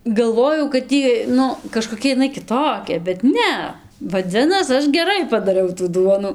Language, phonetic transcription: Lithuanian, galˈvojau kad ˈjy ˈnu kažkoˈkia iˈnai kiˈtokia bet ˈne vaˈdzinas ˈaš geˈrai padaˈriau tų ˈduonu

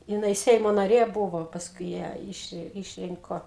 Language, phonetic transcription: Lithuanian, jiˈnai ˈseimo naˈrė ˈbuvo pasˈkui ˈją ˈiš išˈrinko

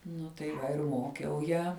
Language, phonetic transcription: Lithuanian, ˈnu tai ˈva ir ˈmokiau ˈją

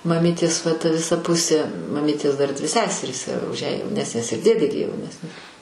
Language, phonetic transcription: Lithuanian, maˈmytės va ta viˈsa ˈpusė maˈmytės ˈdar dvi ˈseserys už ją jauˈnesnės ir ˈdėdė gi jauˈnesni

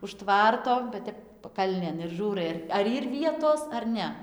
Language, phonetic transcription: Lithuanian, už ˈtvarto va ˈtep paˈkalnėn ir ˈžūrai ar ar ˈyr ˈvietos ar ˈne

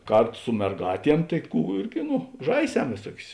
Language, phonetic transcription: Lithuanian, ˈkarˌtu su merˈgātiem tai ˈkų ˈirgi ˈnu ˈžaiˌsem vėˈsuokius

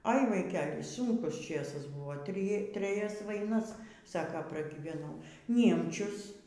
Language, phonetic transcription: Lithuanian, ai vaiˈkel' ˈsunkus ˈčėsas ˈbuvo ˈtri treˈjas vaiˈnas ˈsako pragyveˈnau ˈniemčius

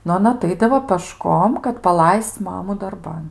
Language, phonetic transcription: Lithuanian, nu aˈna aˈtaidavo pəˈškom kad paˈlaisc ˈmamu darˈban

